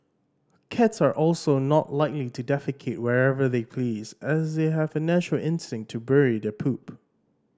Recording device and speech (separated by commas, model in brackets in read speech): standing microphone (AKG C214), read sentence